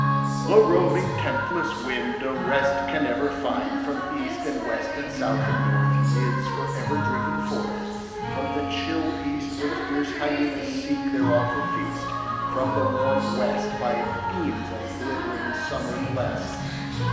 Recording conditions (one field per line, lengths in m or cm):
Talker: one person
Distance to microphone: 1.7 m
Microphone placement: close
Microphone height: 1.0 m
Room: very reverberant, large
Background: music